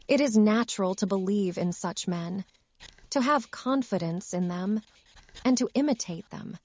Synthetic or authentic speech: synthetic